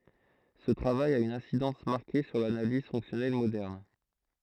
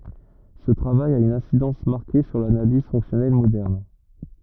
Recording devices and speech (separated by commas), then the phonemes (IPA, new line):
throat microphone, rigid in-ear microphone, read sentence
sə tʁavaj a yn ɛ̃sidɑ̃s maʁke syʁ lanaliz fɔ̃ksjɔnɛl modɛʁn